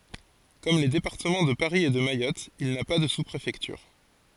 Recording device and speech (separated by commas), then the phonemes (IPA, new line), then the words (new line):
forehead accelerometer, read sentence
kɔm le depaʁtəmɑ̃ də paʁi e də majɔt il na pa də su pʁefɛktyʁ
Comme les départements de Paris et de Mayotte, il n'a pas de sous-préfecture.